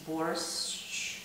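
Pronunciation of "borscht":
'Borscht' is said the Russian way, ending in a single sh sound, like the sh you say to tell somebody to be quiet.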